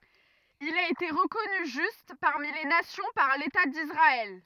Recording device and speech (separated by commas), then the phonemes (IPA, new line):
rigid in-ear microphone, read sentence
il a ete ʁəkɔny ʒyst paʁmi le nasjɔ̃ paʁ leta disʁaɛl